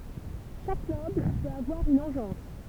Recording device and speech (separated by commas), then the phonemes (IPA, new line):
temple vibration pickup, read sentence
ʃak nɔbl pøt avwaʁ yn ɑ̃ʒɑ̃s